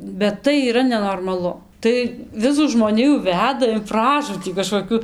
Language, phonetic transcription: Lithuanian, bet ˈtai yˈra nenormaˈlu tai ˈvisų žmoˈnijų ˈveda in ˈpražūtį kažkoˈkiu

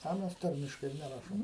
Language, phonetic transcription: Lithuanian, a ˈmes ˈtarmiškai ir neˈrašom

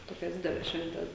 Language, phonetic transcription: Lithuanian, ˈtokias ˈdideles ˈšventes

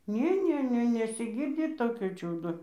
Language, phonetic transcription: Lithuanian, ˈnė ˈnė ˈne nesiˈgirdi ˈtokio ˈčiūdo

